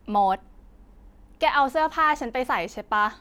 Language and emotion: Thai, frustrated